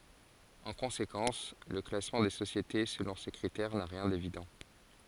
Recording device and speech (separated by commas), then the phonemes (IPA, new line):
forehead accelerometer, read sentence
ɑ̃ kɔ̃sekɑ̃s lə klasmɑ̃ de sosjete səlɔ̃ se kʁitɛʁ na ʁjɛ̃ devidɑ̃